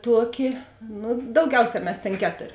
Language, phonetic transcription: Lithuanian, ˈtuoˌki ˈnu dauˈgiauˌsē ˈmes tėn ˈketor'

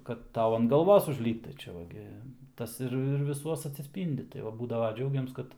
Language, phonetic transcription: Lithuanian, kad ˈtau an galˈvos užˈlypt tai ˈčia va ˈgi ˈtas ir ir viˈsuos atsisˈpyndi tai ˈva ˈbūdava ˈdžiaugiams ˈkad

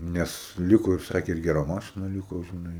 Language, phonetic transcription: Lithuanian, ˈnes ˈliko ir ˈsakė ir geˈra ˈmašina ˈliko žiˈnai

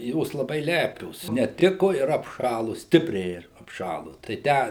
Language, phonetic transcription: Lithuanian, ˈjos laˈbai ˈlepios neˈtiku ir apˈšalu ˈstipriai ir apˈšalu tai ˈtę

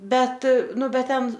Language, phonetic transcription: Lithuanian, ˈbet ˈnu ˈbet ˈten

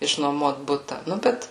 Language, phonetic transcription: Lithuanian, išnuoˈmuot ˈbuta ˈnu ˈbet

